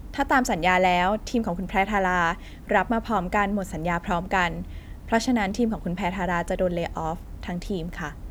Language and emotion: Thai, neutral